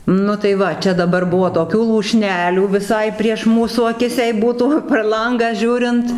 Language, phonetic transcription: Lithuanian, ˈnu tai ˈva ˈčia daˈbar ˈbuvo toˈkių lūˈšnelių viˈsai prieš ˈmūsų aˈkis jei ˈbūtų per ˈlangą ˈžiūrint

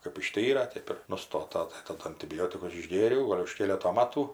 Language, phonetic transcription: Lithuanian, kɜp išˈtyra ˈtėp ir nuˈstota tai taˈdu antiˈbiotikus išˈgėriau ˈgol' už ˈkėleto ˈmatų

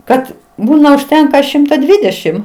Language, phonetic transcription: Lithuanian, ˈkad ˈbūna užˈtenka ˈšimta ˈdvydešim

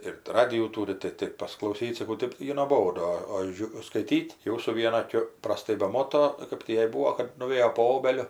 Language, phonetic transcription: Lithuanian, ir ˈradijų ˈtūri tai ˈtaip pasiklauˈsyt saˈkau ˈtɜp ˈjai noˈbodu o ˈžiu skaiˈtyt' ˈjau su ˈviena aˈkiu praˈstai beˈmoto ˈkap tį ˈjai ˈbūo kad nuˈvėjo po ˈobeliu

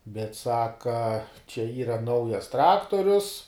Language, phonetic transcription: Lithuanian, bet ˈsaka čia ˈyra ˈnaujas ˈtraktorius

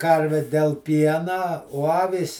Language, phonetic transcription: Lithuanian, ˈkarvi del ˈpiena o ˈavys

